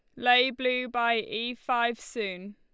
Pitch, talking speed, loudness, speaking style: 240 Hz, 155 wpm, -27 LUFS, Lombard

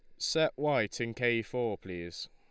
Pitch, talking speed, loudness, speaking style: 115 Hz, 170 wpm, -32 LUFS, Lombard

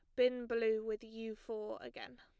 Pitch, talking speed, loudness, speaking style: 225 Hz, 180 wpm, -39 LUFS, plain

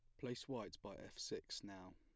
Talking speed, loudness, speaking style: 205 wpm, -50 LUFS, plain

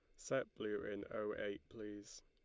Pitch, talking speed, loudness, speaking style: 105 Hz, 175 wpm, -45 LUFS, Lombard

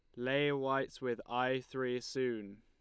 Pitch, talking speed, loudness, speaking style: 125 Hz, 150 wpm, -36 LUFS, Lombard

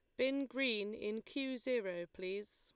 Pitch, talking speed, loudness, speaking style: 225 Hz, 155 wpm, -39 LUFS, Lombard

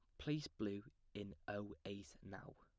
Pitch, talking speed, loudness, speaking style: 100 Hz, 155 wpm, -49 LUFS, plain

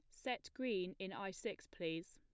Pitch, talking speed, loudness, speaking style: 190 Hz, 185 wpm, -45 LUFS, plain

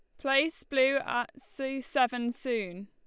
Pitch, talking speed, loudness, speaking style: 260 Hz, 135 wpm, -30 LUFS, Lombard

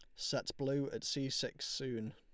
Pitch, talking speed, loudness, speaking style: 135 Hz, 185 wpm, -39 LUFS, Lombard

